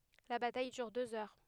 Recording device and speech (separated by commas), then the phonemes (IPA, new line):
headset microphone, read sentence
la bataj dyʁ døz œʁ